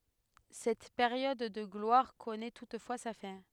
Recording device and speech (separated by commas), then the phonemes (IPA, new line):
headset microphone, read sentence
sɛt peʁjɔd də ɡlwaʁ kɔnɛ tutfwa sa fɛ̃